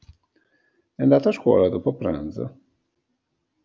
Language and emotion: Italian, surprised